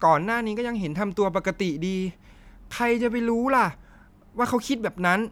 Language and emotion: Thai, frustrated